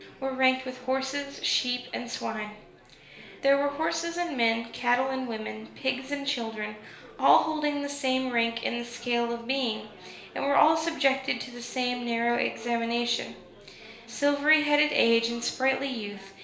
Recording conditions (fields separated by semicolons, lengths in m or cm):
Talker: one person; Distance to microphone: 1.0 m; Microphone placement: close; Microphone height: 1.1 m; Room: small (3.7 m by 2.7 m); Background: babble